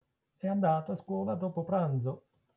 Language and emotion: Italian, neutral